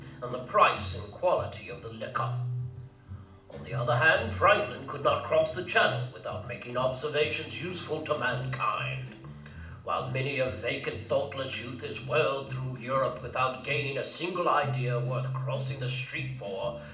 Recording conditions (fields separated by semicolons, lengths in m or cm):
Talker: one person; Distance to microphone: 2.0 m; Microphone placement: close; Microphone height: 99 cm; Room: medium-sized (5.7 m by 4.0 m); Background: music